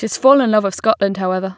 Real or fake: real